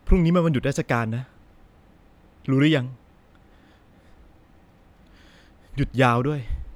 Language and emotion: Thai, frustrated